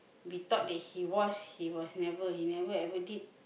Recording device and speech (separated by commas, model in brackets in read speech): boundary microphone, conversation in the same room